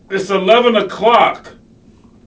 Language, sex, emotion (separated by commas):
English, male, angry